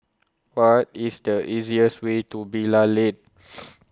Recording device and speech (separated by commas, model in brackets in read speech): close-talking microphone (WH20), read sentence